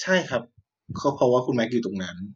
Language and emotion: Thai, neutral